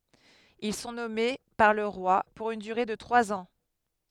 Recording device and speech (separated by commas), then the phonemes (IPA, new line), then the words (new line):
headset microphone, read sentence
il sɔ̃ nɔme paʁ lə ʁwa puʁ yn dyʁe də tʁwaz ɑ̃
Ils sont nommés par le roi pour une durée de trois ans.